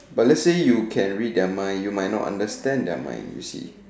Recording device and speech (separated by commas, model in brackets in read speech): standing microphone, conversation in separate rooms